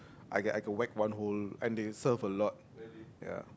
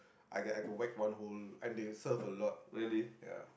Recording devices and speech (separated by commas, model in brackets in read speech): close-talking microphone, boundary microphone, conversation in the same room